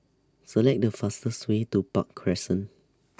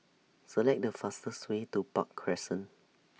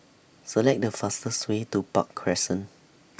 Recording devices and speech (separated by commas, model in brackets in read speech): standing microphone (AKG C214), mobile phone (iPhone 6), boundary microphone (BM630), read sentence